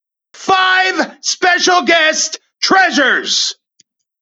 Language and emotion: English, happy